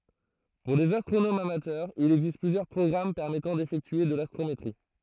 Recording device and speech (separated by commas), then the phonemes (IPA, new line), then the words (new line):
throat microphone, read sentence
puʁ lez astʁonomz amatœʁz il ɛɡzist plyzjœʁ pʁɔɡʁam pɛʁmɛtɑ̃ defɛktye də lastʁometʁi
Pour les astronomes amateurs, il existe plusieurs programmes permettant d'effectuer de l'astrométrie.